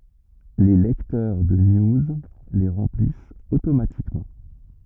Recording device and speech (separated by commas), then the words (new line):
rigid in-ear microphone, read sentence
Les lecteurs de news les remplissent automatiquement.